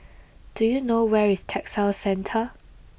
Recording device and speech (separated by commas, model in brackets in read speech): boundary microphone (BM630), read sentence